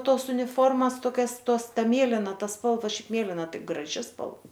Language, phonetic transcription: Lithuanian, ˈtos uniˈformas toˈkias ˈtos ˈta ˈmėlina ˈta ˈspalva ˈšiaip ˈmėlina ˈtai graˈži spal

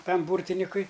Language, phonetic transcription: Lithuanian, ˈtam ˈbūrtinikui

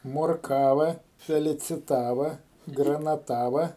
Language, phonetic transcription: Lithuanian, morˈkava feliciˈtava granaˈtava

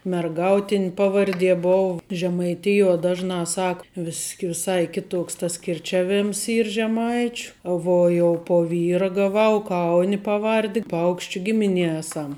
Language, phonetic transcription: Lithuanian, merˈgautin' ˈpavarˌdie ˈbov žemaiˈtijuo ˈdažˌnā ˈsak vis' viˈsai ˈkiˌtoks tas kirˈčiaˌvėms ˈyr žeˈmaičiu ˈvuo jau po ˈvyra gaˈvau ˈkauni paˈvardi ˈpaukščiu ˈgimiˌnie ˈėsam

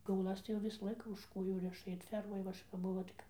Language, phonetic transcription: Lithuanian, kiauˈlas tai jau ˈvisa ˈlaika už ˈkojų ˈriša ir ˈfermoj va ˈaš kap ˈbuvo tai ˈkap

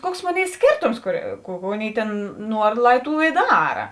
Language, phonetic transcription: Lithuanian, ˈkuoks ˈmoˌnėi ˈskėrtoms kur ˈkų ku ˈaˌnėi ˈtėn ˈnuor ˈlai ˈtų i ˈdara

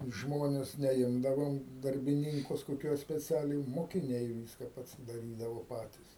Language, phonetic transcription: Lithuanian, ˈžmones neˈimdavom darbiˈninkus koˈkiuos speˈcialiai mokiˈniai ˈviska pasidaˈrydavo ˈpatis

